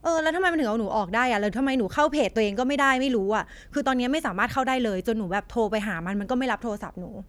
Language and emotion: Thai, frustrated